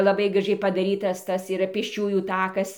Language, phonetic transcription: Lithuanian, laˈbai graˈžiai padaˈrytas ˈtas yˈra pėsˈčiųjų ˈtakas

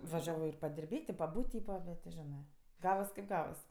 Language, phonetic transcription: Lithuanian, vaˈžiavo ir padirˈbėt' i paˈbūt' ˈtypa ˈbet ti ˈženɜ ˈgavas kaip ˈgavas

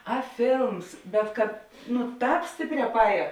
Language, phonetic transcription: Lithuanian, a ˈfėlms bet kad nu ˈtāp ˈstėpˌrē paˈēja

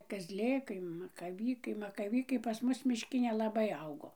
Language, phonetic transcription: Lithuanian, kazˈlėkai makaˈvykai makaˈvykai pas ˈmus mišˈki nelaˈbai ˈaugo

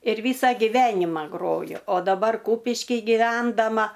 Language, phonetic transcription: Lithuanian, ir ˈvysa giˈvenima ˈgroju o daˈbar ˈkūpiškij giˈvendama

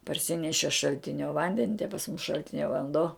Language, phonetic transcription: Lithuanian, parˈsineši šalˈtinio ˈvandeni te pas mus šalˈtinia vanˈdo

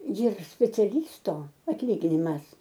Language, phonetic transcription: Lithuanian, jir speciaˈlysto atˈlyginimas

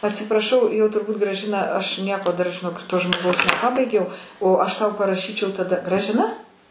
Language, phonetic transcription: Lithuanian, atsipraˈšau jau turˈbūt graˈžina aš ˈnieko dar žiˈnok to žmoˈgaus neˈpabaigiau o ˈaš tau paraˈšyčiau taˈda gražiˈna

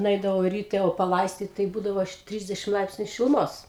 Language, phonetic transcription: Lithuanian, nuˈeidavau ryˈte o paˈlaistyt tai ˈbūdavo ˈtrisdešim ˈlaipsniu šiluˈmos

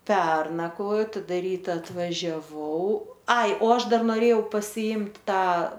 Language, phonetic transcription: Lithuanian, ˈpernakvojo taˈda ˈryta atvažiaˈvau ai o ˈaš ˈdar noˈrėjau pasiˈimt' ˈtą

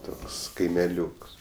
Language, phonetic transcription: Lithuanian, ˈtoks kaimeˈliūks

